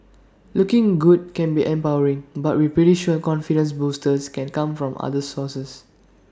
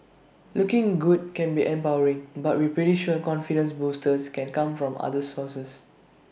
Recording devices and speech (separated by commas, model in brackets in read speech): standing microphone (AKG C214), boundary microphone (BM630), read sentence